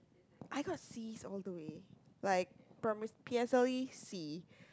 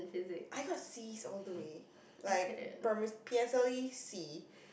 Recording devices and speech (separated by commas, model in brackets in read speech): close-talking microphone, boundary microphone, conversation in the same room